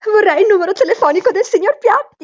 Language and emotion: Italian, fearful